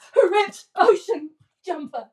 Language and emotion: English, fearful